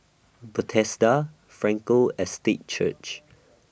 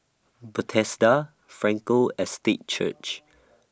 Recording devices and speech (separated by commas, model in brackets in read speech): boundary microphone (BM630), standing microphone (AKG C214), read sentence